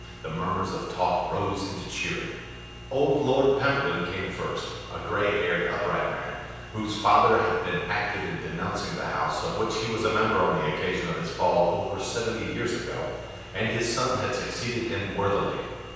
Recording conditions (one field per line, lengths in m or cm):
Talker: one person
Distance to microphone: 7.1 m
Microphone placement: far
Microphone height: 1.7 m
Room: very reverberant, large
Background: none